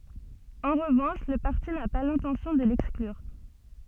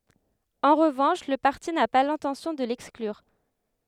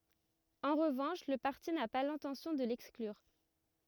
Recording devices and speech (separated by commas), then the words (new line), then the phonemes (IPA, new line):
soft in-ear microphone, headset microphone, rigid in-ear microphone, read sentence
En revanche, le parti n’a pas l’intention de l'exclure.
ɑ̃ ʁəvɑ̃ʃ lə paʁti na pa lɛ̃tɑ̃sjɔ̃ də lɛksklyʁ